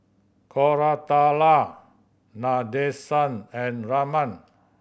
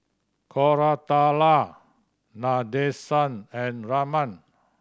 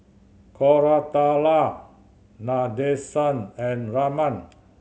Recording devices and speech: boundary microphone (BM630), standing microphone (AKG C214), mobile phone (Samsung C7100), read sentence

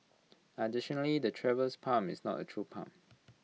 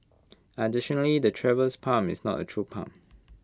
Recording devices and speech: mobile phone (iPhone 6), close-talking microphone (WH20), read sentence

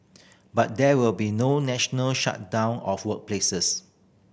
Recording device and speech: boundary microphone (BM630), read sentence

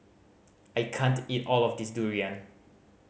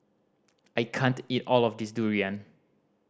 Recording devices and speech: mobile phone (Samsung C5010), standing microphone (AKG C214), read sentence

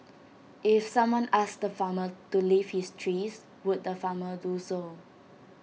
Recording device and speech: mobile phone (iPhone 6), read sentence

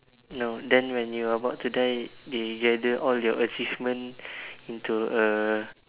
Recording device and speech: telephone, conversation in separate rooms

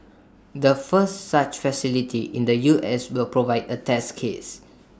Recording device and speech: standing microphone (AKG C214), read sentence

